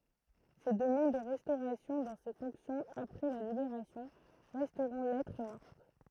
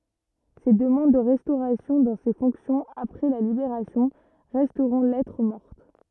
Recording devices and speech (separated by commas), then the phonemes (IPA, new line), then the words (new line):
throat microphone, rigid in-ear microphone, read sentence
se dəmɑ̃d də ʁɛstoʁasjɔ̃ dɑ̃ se fɔ̃ksjɔ̃z apʁɛ la libeʁasjɔ̃ ʁɛstʁɔ̃ lɛtʁ mɔʁt
Ses demandes de restauration dans ses fonctions, après la Libération, resteront lettre morte.